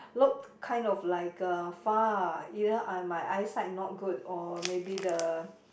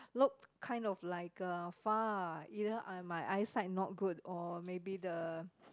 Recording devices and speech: boundary microphone, close-talking microphone, conversation in the same room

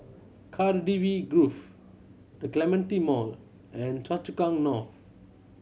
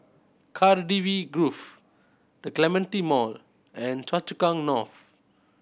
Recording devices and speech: mobile phone (Samsung C7100), boundary microphone (BM630), read sentence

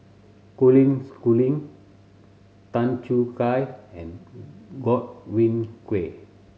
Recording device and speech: mobile phone (Samsung C7100), read sentence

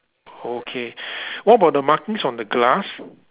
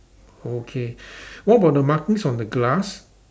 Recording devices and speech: telephone, standing microphone, conversation in separate rooms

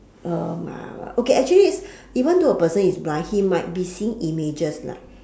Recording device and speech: standing microphone, conversation in separate rooms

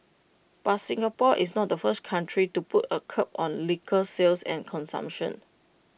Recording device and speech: boundary microphone (BM630), read sentence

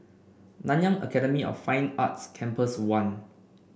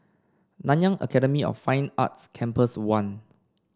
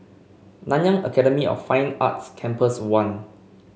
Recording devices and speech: boundary microphone (BM630), standing microphone (AKG C214), mobile phone (Samsung C5), read sentence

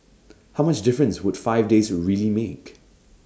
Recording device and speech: standing microphone (AKG C214), read sentence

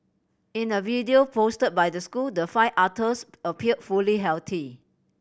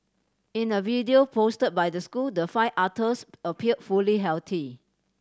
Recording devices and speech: boundary microphone (BM630), standing microphone (AKG C214), read sentence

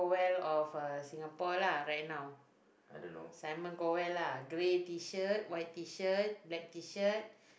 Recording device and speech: boundary microphone, conversation in the same room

